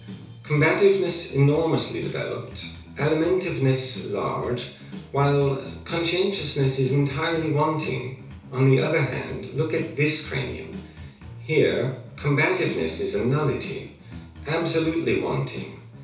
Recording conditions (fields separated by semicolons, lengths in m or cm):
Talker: one person; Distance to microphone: 3.0 m; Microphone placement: far; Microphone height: 1.8 m; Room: small (3.7 m by 2.7 m); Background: music